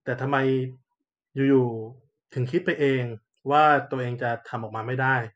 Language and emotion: Thai, neutral